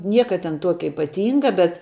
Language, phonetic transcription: Lithuanian, ˈnieka ten ˈtuokia ipaˈtynga bet

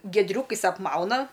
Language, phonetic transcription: Lithuanian, giedˈriūkais apˈmauna

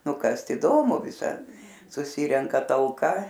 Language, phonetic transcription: Lithuanian, nu ˈkast įˈdomu viˈsad suˈsyrenka talˈka

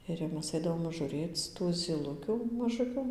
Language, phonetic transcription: Lithuanian, ir jau ˈmes ˈaidavom žuˈrėc tų zyˈlukių maˈžukiu

